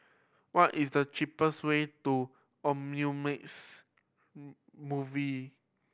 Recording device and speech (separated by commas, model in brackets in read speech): boundary microphone (BM630), read sentence